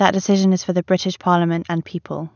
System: none